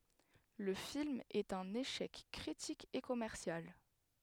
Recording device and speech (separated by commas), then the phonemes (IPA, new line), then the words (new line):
headset microphone, read sentence
lə film ɛt œ̃n eʃɛk kʁitik e kɔmɛʁsjal
Le film est un échec critique et commercial.